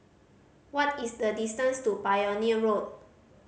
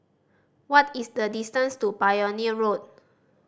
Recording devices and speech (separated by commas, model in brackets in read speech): mobile phone (Samsung C5010), standing microphone (AKG C214), read sentence